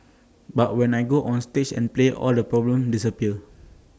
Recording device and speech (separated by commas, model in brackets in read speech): standing microphone (AKG C214), read sentence